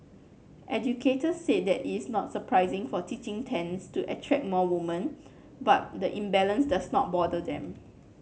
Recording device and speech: mobile phone (Samsung C9), read sentence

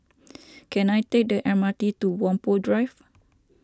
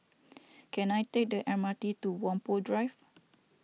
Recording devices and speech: standing microphone (AKG C214), mobile phone (iPhone 6), read sentence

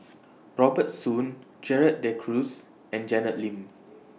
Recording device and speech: mobile phone (iPhone 6), read sentence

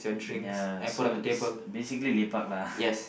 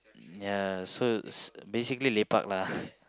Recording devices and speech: boundary microphone, close-talking microphone, conversation in the same room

